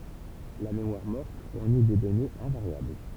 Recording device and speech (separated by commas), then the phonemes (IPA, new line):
temple vibration pickup, read sentence
la memwaʁ mɔʁt fuʁni de dɔnez ɛ̃vaʁjabl